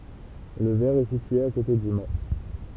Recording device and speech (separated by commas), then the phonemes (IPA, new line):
temple vibration pickup, read sentence
lə vɛʁ ɛ sitye a kote dy ma